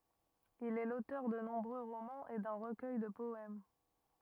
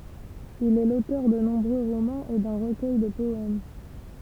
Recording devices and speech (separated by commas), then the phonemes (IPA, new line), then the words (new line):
rigid in-ear microphone, temple vibration pickup, read sentence
il ɛ lotœʁ də nɔ̃bʁø ʁomɑ̃z e dœ̃ ʁəkœj də pɔɛm
Il est l'auteur de nombreux romans et d'un recueil de poèmes.